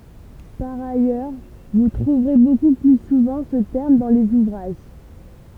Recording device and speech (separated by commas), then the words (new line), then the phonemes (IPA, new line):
temple vibration pickup, read sentence
Par ailleurs vous trouverez beaucoup plus souvent ce terme dans les ouvrages.
paʁ ajœʁ vu tʁuvʁe boku ply suvɑ̃ sə tɛʁm dɑ̃ lez uvʁaʒ